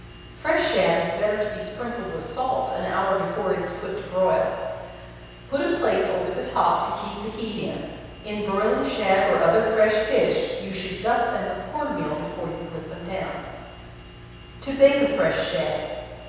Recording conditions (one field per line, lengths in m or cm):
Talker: one person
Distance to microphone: 7.1 m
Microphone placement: far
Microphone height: 1.7 m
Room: very reverberant, large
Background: none